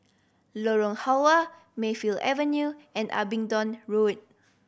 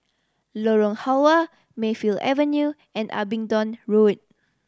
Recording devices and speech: boundary microphone (BM630), standing microphone (AKG C214), read sentence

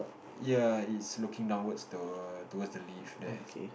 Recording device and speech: boundary microphone, conversation in the same room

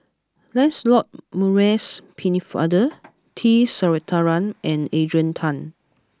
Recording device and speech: close-talking microphone (WH20), read sentence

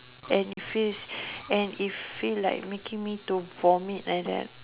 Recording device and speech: telephone, conversation in separate rooms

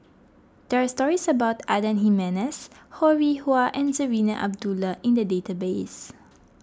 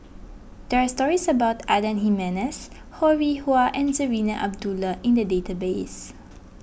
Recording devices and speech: close-talking microphone (WH20), boundary microphone (BM630), read sentence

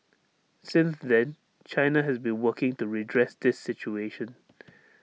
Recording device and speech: mobile phone (iPhone 6), read sentence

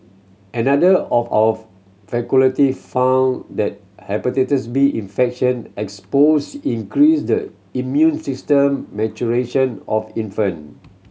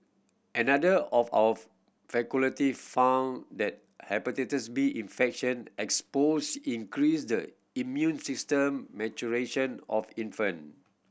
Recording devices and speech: mobile phone (Samsung C7100), boundary microphone (BM630), read sentence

